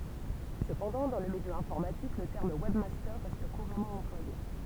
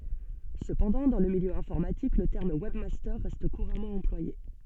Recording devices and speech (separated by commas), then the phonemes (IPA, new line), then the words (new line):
temple vibration pickup, soft in-ear microphone, read sentence
səpɑ̃dɑ̃ dɑ̃ lə miljø ɛ̃fɔʁmatik lə tɛʁm wɛbmastœʁ ʁɛst kuʁamɑ̃ ɑ̃plwaje
Cependant, dans le milieu informatique, le terme webmaster reste couramment employé.